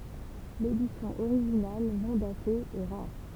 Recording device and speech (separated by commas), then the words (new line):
temple vibration pickup, read sentence
L'édition originale, non datée, est rare.